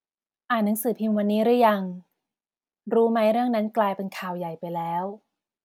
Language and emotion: Thai, neutral